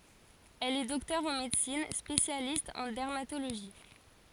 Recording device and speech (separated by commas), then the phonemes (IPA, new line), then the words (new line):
forehead accelerometer, read sentence
ɛl ɛ dɔktœʁ ɑ̃ medəsin spesjalist ɑ̃ dɛʁmatoloʒi
Elle est docteur en médecine, spécialiste en dermatologie.